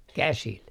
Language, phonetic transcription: Finnish, "käsil .
- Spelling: käsillä

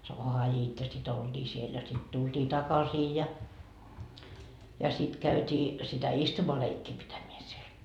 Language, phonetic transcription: Finnish, - sit 'olDii siel ja sit 'tulDii "takasii ja , ja sit 'käyt́ii , sitä "istumaleikkii pitämeä siel .
- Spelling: sitten oltiin siellä ja sitten tultiin takaisin ja ja sitten käytiin sitä istumaleikkiä pitämään siellä

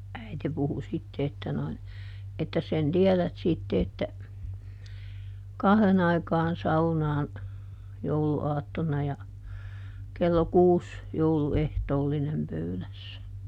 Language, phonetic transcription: Finnish, ˈäite puhu ˈsitte että noin , » ettäs ˈsen "tiɛlät sitte että , "kahδen ‿aikaan ˈsaunaan , ˈjoulu₍aatton̆na ja , ˈkello "kuus , ˈjoulu"ehtoollinem ˈpöylässä » .
- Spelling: äiti puhui sitten että noin ettäs sen tiedät sitten että kahden aikaan saunaan jouluaattona ja kello kuusi jouluehtoollinen pöydässä

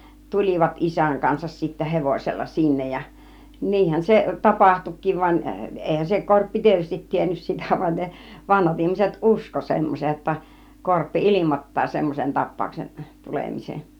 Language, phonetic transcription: Finnish, tul͕ivat 'isäŋ kansas sittä "hevosella "sinnej ja , 'niihän se "tapahtuk̆kiiv van , 'èihän se 'korppi 'tietystit 'tiennys 'sitä van ne , "vanhat 'ihmiset "usko semmosej jotta , 'korppi "il͕imot̀taa 'semmosen 'tap̆pàuksen , "tulemisen̬ .
- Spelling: tulivat isän kanssa sitten hevosella sinne ja niinhän se tapahtuikin vaan eihän se korppi tietysti tiennyt sitä vaan ne vanhat ihmiset uskoi semmoisen jotta korppi ilmoittaa semmoisen tapauksen tulemisen

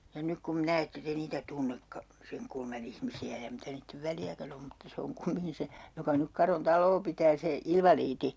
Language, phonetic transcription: Finnish, ja 'nyk kum 'minä ette 'te niitä "tunnekka , 'seŋ kulma'n ‿ihmisi₍ä ja 'mitä niittev "väljäkän ‿om mutta 'se oŋ 'kumiŋki se , 'joka nyk 'Karon "tal̀oo pitää 'se , "ilvaliiti .
- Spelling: ja nyt kun minä ette te niitä tunnekaan sen kulman ihmisiä ja mitä niiden väliäkään on mutta se on kumminkin se joka nyt Karon taloa pitää se invalidi

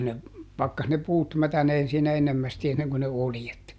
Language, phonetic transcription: Finnish, ne , ˈpakkas ne ˈpuut ˈmätäneen siinä ˈennemmästi enneŋko ne "oljet .
- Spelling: ne pakkasi ne puut mätänemään siinä ennemmästi ennen kuin ne oljet

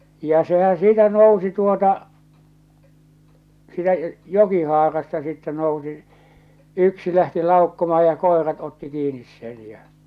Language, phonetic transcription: Finnish, ja 'sehän̬ 'siitä "nousi tuota , siitä "joki'haarasta sittɛ nousi , 'yksi lähti 'làokkomaha ja 'kòerat otti 'kiinis sen ja .
- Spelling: ja sehän siitä nousi tuota siitä jokihaarasta sitten nousi yksi lähti laukkaamaan ja koirat otti kiinni sen ja

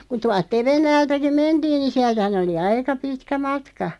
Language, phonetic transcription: Finnish, ku 'tualt 'Tevennäältäki "mentiin ni 'siältᵃ̈hän ‿oli "aika 'pitkä 'matka .
- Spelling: kun tuolta Tevennältäkin mentiin niin sieltähän oli aika pitkä matka

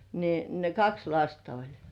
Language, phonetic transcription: Finnish, niin , ne "kaks 'lasta oĺ .
- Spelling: niin ne kaksi lasta oli

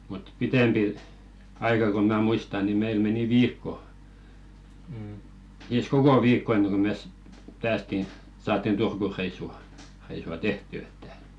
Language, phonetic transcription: Finnish, mut "pitempi , 'aika ko mä 'muista ni 'meil meni "viikko , siis "koko 'viikko enneŋ ko 'mes , 'päästi , saattin 'Turkureissu , -reisu₍a̳§ "tehtỳ että ,.
- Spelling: mutta pitempi aika kun minä muistan niin meillä meni viikko siis koko viikko ennen kuin me päästiin saatiin Turku-reissu reissua tehtyä että

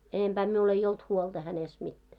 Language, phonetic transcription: Finnish, 'enemʙää 'miul ei olt "huolᴅa hänest mittää .
- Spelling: enempää minulla ei ollut huolta hänestä mitään

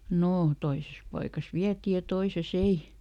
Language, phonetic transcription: Finnish, ˈnoo , ˈtoises paikas ˈviäti ja ˈtoise"s ‿ei .
- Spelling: no toisessa paikassa vietiin ja toisessa ei

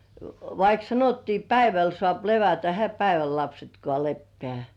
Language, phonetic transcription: Finnish, vaik 'sanottii "päiväl sŏàp 'levätä ehä 'päiväl "lapsetkŏà leppĕä̀§ .
- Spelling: vaikka sanottiin päivällä saa levätä eihän päivällä lapsetkaan lepää

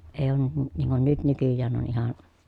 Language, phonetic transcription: Finnish, èij ‿oon ny- n- niiŋ kun nyt nykyjjään on ihan ,.
- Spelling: ei ole - niin kuin nyt nykyään on ihan

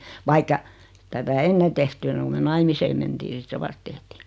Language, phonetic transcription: Finnish, 'vaikka , (ei) tätä 'enne tehty enneŋ ku 'me "naimiseem mentii 'sit se "vast tehtii .
- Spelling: vaikka ei tätä ennen tehty ennen kuin me naimisiin mentiin sitten se vasta tehtiin

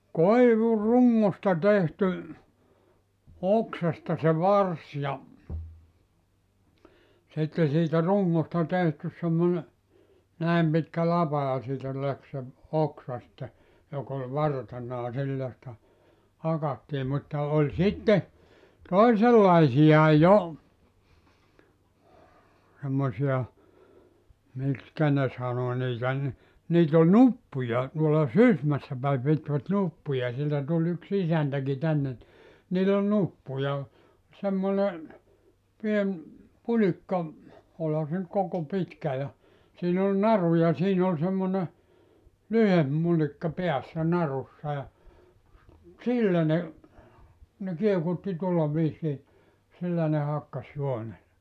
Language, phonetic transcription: Finnish, "koivu"ruŋŋosta tehty , 'oksasta se "vars ja , sitte siitä 'ruŋŋosta 'tehtys semmone , 'nä̀em pitkä "lapa ja siitä 'läk se , 'oksa sⁱtte , 'jok ‿oĺ "vartena [j]a 'sillä sⁱtä , 'hakattii mutta 'oĺ 'sitte , "toisellaisija "jo , semmosi₍a , 'mikskä ne 'sano niitä ni , niit ‿ol "nuppuja , tuola "Sysmässä päi pitvät 'nuppuja sieltä 'tuĺ yks 'isäntäki 'tänne ni , niil ‿ol 'nuppuja , semmone , 'pien , 'pulikka , 'olha se nʸt koko 'pitkä ja , siin ‿ol "naru ja 'siin ‿ol semmone , "lyhemp 'mulikka 'peässä 'narussa ja , "sillä ne , ne 'kiekutti 'tuolla viisii , 'sillä ne 'hakkas 'juone .
- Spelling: koivurungosta tehty oksasta se varsi ja sitten siitä rungosta tehty semmoinen näin pitkä lapa ja siitä lähti se oksa sitten joka oli vartena ja sillä sitä hakattiin mutta oli sitten toisenlaisia jo semmoisia miksi ne sanoi niitä niin niitä oli nuppuja tuolla Sysmässä päin pitivät nuppuja sieltä tuli yksi isäntäkin tänne niin niillä oli nuppuja semmoinen pieni pulikka olihan se nyt koko pitkä ja siinä oli naru ja siinä oli semmoinen lyhempi mulikka päässä narussa ja sillä ne ne kiekutti tuolla viisiin sillä ne hakkasi juonen

